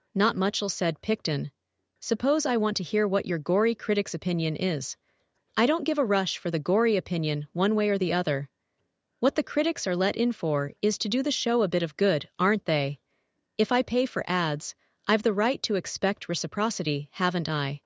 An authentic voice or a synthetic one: synthetic